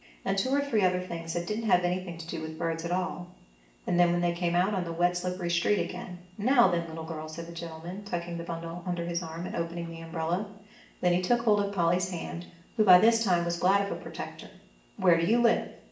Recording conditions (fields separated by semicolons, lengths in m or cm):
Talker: one person; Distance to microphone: 1.8 m; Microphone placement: close; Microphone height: 1.0 m; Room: large; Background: none